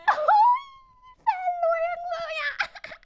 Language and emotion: Thai, happy